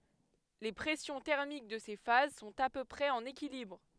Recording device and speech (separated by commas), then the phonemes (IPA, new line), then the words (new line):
headset microphone, read sentence
le pʁɛsjɔ̃ tɛʁmik də se faz sɔ̃t a pø pʁɛz ɑ̃n ekilibʁ
Les pressions thermiques de ces phases sont à peu près en équilibre.